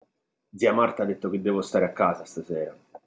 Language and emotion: Italian, neutral